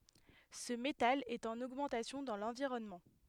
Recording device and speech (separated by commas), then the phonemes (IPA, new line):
headset microphone, read sentence
sə metal ɛt ɑ̃n oɡmɑ̃tasjɔ̃ dɑ̃ lɑ̃viʁɔnmɑ̃